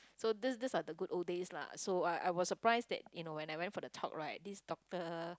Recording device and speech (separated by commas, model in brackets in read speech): close-talking microphone, conversation in the same room